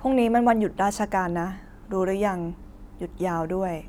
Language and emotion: Thai, neutral